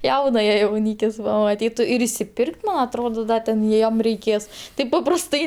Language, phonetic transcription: Lithuanian, ˈjaunaja jauˈnykis pamaˈtytu ir išsiˈpirk't' man atˈrodo ˈda ten ˈjiem reiˈkės ˈtaip paprasˈtai

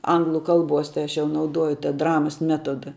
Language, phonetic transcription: Lithuanian, ˈanglu ˈkalˌbuos tai ˈaš jau nauˈduoju ta ˈdramas ˈmetoda

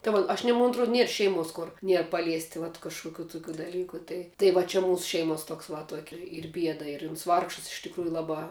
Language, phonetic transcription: Lithuanian, tai ˈva aš ˈnie mon atˈruod ˈnier ˈšeiˌmuos ˈkur ˈnier paˈliesti vat kažkuˈkių tuˈkių daˈlyku ˈtai tai va ˈči ˈmūsu ˈšeimuos ˈtuoks va ˈtuoki ˈyr ˈbieda ir uns ˈvargšas iš tikˈrųju ˈlabā

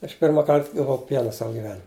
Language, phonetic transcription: Lithuanian, aš ˈpirma ˈkart gaˈvau ˈpiena ˈsava giˈvenim'

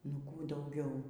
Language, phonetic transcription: Lithuanian, nu ˈkų dauˈgiau

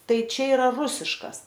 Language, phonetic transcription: Lithuanian, ˈtai ˈčia iˈra ˈrusiškas

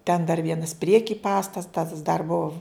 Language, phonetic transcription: Lithuanian, ten dar ˈvienas ˈprieki ˈpastatas dar buv

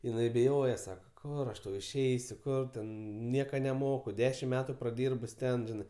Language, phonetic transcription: Lithuanian, jiˈnai biˈjoje ˈsaka ˈkur aš ˈtau išˈeisiu ˈkur ten ˈnieka neˈmoku ˈdešim ˈmetu praˈdyrbus ˈten ˈžinɜ

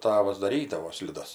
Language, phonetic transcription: Lithuanian, ˈtavas daˈrydavo sliˈdas

